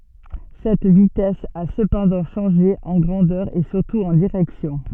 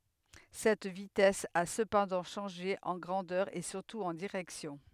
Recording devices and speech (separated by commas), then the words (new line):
soft in-ear microphone, headset microphone, read sentence
Cette vitesse a cependant changé, en grandeur et surtout en direction.